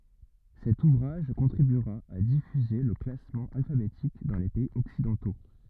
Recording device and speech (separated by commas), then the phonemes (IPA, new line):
rigid in-ear microphone, read sentence
sɛt uvʁaʒ kɔ̃tʁibyʁa a difyze lə klasmɑ̃ alfabetik dɑ̃ le pɛiz ɔksidɑ̃to